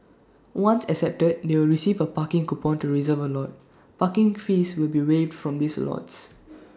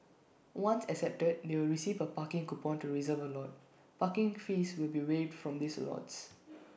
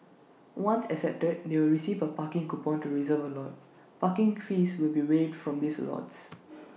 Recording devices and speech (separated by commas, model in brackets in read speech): standing microphone (AKG C214), boundary microphone (BM630), mobile phone (iPhone 6), read sentence